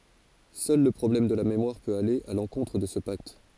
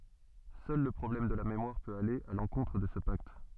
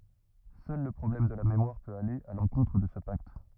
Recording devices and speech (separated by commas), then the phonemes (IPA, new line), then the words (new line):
forehead accelerometer, soft in-ear microphone, rigid in-ear microphone, read sentence
sœl lə pʁɔblɛm də la memwaʁ pøt ale a lɑ̃kɔ̃tʁ də sə pakt
Seul le problème de la mémoire peut aller à l’encontre de ce pacte.